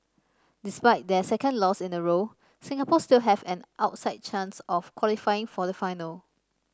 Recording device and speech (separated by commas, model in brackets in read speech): standing microphone (AKG C214), read sentence